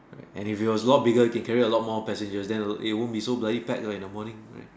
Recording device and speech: standing microphone, conversation in separate rooms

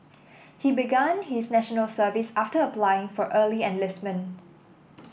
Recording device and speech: boundary microphone (BM630), read sentence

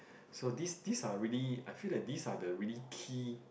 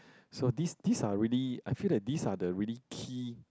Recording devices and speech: boundary microphone, close-talking microphone, conversation in the same room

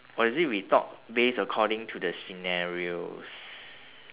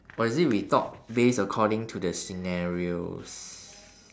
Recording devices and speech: telephone, standing microphone, conversation in separate rooms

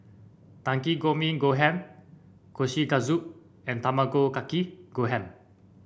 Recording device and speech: boundary microphone (BM630), read sentence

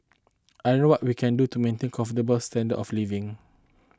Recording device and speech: close-talking microphone (WH20), read sentence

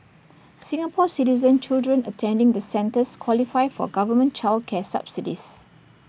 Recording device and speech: boundary microphone (BM630), read sentence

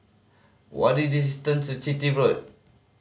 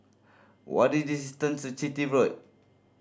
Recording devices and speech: mobile phone (Samsung C5010), standing microphone (AKG C214), read sentence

